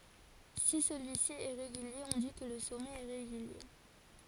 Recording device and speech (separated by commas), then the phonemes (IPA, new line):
forehead accelerometer, read sentence
si səlyi si ɛ ʁeɡylje ɔ̃ di kə lə sɔmɛt ɛ ʁeɡylje